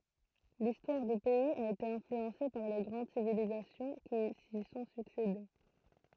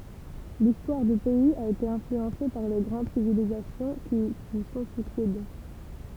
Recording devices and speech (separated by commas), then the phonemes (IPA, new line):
throat microphone, temple vibration pickup, read sentence
listwaʁ dy pɛiz a ete ɛ̃flyɑ̃se paʁ le ɡʁɑ̃d sivilizasjɔ̃ ki si sɔ̃ syksede